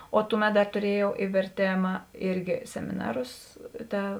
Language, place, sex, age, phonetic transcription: Lithuanian, Žemaitija, female, 18-60, o ˈtuˌmet ˈdar tuˈriejau i verˈtėma ˈirgi semiˈnarus ˈta

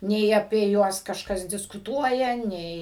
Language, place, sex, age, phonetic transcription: Lithuanian, Suvalkija, female, 60+, ˈnei apie ˈjuos kažˈkas diskuˈtuoja ˈnei

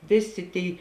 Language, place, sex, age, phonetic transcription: Lithuanian, Žemaitija, female, 18-60, ˈvėˌsė ˈtėi

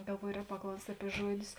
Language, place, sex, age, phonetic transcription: Lithuanian, Žemaitija, female, 18-60, galˈvuojo ˈrēk paˈklaust' ˈapie ˈžuoˌdius

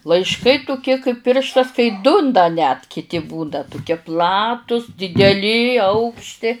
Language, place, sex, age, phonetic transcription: Lithuanian, Žemaitija, female, 60+, laišˈkai tuˈkie kaip ˈpirštas kai ˈdu n da net kiˈti būda tuˈkie ˈplatus dideˈli ˈaukšti

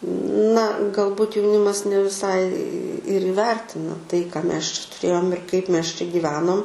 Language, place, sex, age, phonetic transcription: Lithuanian, Aukštaitija, female, 18-60, na galˈbut jauˈnimas ne viˈsai ir įˈvertina tai ką ˈmes čia tuˈrėjom ir ˈkaip ˈmes čia gyˈvenom

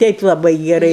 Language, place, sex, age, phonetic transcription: Lithuanian, Aukštaitija, female, 60+, ˈteip laˈbai geˈrai

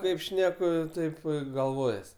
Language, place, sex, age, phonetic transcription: Lithuanian, Aukštaitija, male, 18-60, ˈkaip ˈšneku ˈtaip i galˈvojas

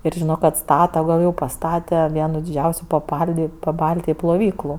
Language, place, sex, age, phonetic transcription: Lithuanian, Aukštaitija, female, 18-60, ir žiˈno kad ˈstata gal jau paˈstate ˈvienu diˈdžiausiu paˈpaldi paˈbaltiji ploˈvyklu

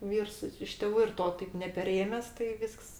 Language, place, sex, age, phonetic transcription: Lithuanian, Aukštaitija, female, 60+, ˈvyrs i iš tėˈvų ir ˈto taip nepeˈrėmes tai ˈvysks

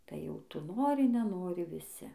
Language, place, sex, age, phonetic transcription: Lithuanian, Dzūkija, female, 18-60, tai jau ˈtu ˈnori neˈnori viˈsi

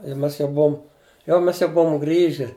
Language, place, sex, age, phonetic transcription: Lithuanian, Žemaitija, male, 60+, i ˈmes jau ˈbuom ˈjau ˈmes jau ˈbuom ˈgrįži

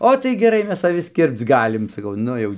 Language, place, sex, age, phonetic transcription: Lithuanian, Dzūkija, male, 60+, ˈo tai geˈrai ˈmes aˈvis ˈkirpc ˈgalim saˈkau ˈnu jau

